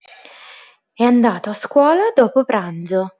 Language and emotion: Italian, neutral